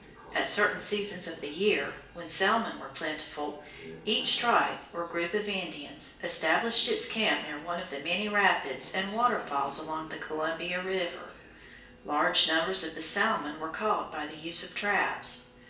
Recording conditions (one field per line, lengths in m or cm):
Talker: one person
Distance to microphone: 1.8 m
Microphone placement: close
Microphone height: 1.0 m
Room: large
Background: television